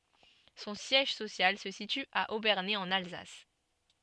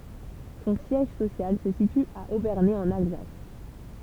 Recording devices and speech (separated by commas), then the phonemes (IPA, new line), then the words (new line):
soft in-ear microphone, temple vibration pickup, read sentence
sɔ̃ sjɛʒ sosjal sə sity a obɛʁne ɑ̃n alzas
Son siège social se situe à Obernai en Alsace.